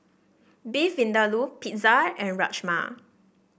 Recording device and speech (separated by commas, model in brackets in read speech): boundary microphone (BM630), read sentence